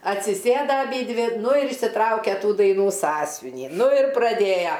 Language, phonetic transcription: Lithuanian, atsiˈsėda aˈbydvi ˈnu ir išsiˈtraukia ˈtų daiˈnų ˈsąsvinį ˈnu ir praˈdėja

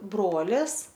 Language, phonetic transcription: Lithuanian, ˈbrolis

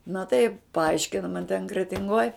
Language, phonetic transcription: Lithuanian, na tai paˈaiškina man ten kretinˈgoj

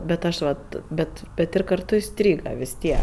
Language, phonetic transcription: Lithuanian, bet ˈaš vat ˈbet bet ˈir karˈtu iˈstryga vis ˈtiek

